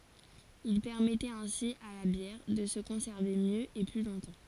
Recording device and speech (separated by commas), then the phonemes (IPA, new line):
forehead accelerometer, read sentence
il pɛʁmɛtɛt ɛ̃si a la bjɛʁ də sə kɔ̃sɛʁve mjø e ply lɔ̃tɑ̃